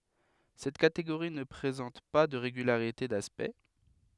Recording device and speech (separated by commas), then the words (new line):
headset microphone, read sentence
Cette catégorie ne présente pas de régularité d'aspect.